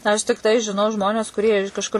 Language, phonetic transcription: Lithuanian, aš tikˈtai žiˈnau ˈžmones kuˈrie iš kažˈkur

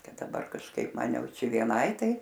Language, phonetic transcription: Lithuanian, ˈkad daˈbar kažˈkaip ˈman ˈjau ˈčia vieˈnai ˈtai

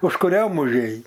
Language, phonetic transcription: Lithuanian, užkuˈriom užˈėj

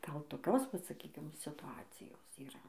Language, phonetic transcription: Lithuanian, ˈgal toˈkios ˈvat saˈkykim situˈacijos yˈra

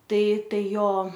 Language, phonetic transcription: Lithuanian, ˈtai ˈtai ˈjo

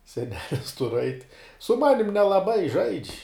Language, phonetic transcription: Lithuanian, seˈnelis tur ait' su ˈmanim nelaˈbai žaidž'

